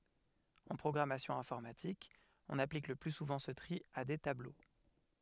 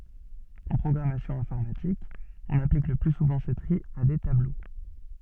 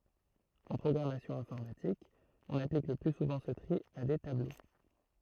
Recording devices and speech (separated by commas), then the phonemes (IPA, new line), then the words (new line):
headset microphone, soft in-ear microphone, throat microphone, read sentence
ɑ̃ pʁɔɡʁamasjɔ̃ ɛ̃fɔʁmatik ɔ̃n aplik lə ply suvɑ̃ sə tʁi a de tablo
En programmation informatique, on applique le plus souvent ce tri à des tableaux.